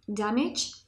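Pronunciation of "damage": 'Damage' is said with the British pronunciation.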